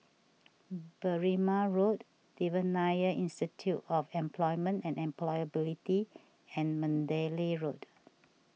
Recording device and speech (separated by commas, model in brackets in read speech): mobile phone (iPhone 6), read sentence